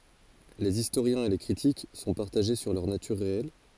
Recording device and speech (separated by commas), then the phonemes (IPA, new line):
forehead accelerometer, read sentence
lez istoʁjɛ̃z e le kʁitik sɔ̃ paʁtaʒe syʁ lœʁ natyʁ ʁeɛl